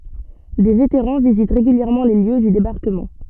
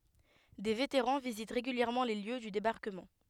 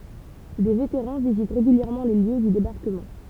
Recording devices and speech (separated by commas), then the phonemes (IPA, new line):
soft in-ear microphone, headset microphone, temple vibration pickup, read sentence
de veteʁɑ̃ vizit ʁeɡyljɛʁmɑ̃ le ljø dy debaʁkəmɑ̃